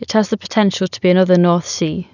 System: none